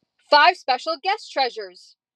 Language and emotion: English, happy